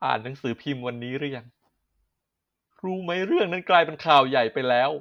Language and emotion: Thai, sad